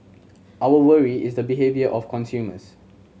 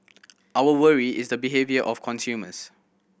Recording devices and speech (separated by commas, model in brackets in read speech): mobile phone (Samsung C7100), boundary microphone (BM630), read sentence